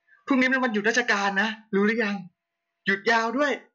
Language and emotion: Thai, happy